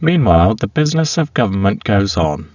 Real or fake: fake